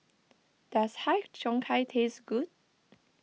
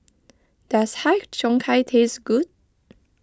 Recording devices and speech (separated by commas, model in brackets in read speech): mobile phone (iPhone 6), close-talking microphone (WH20), read sentence